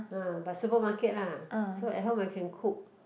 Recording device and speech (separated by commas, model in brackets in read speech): boundary microphone, conversation in the same room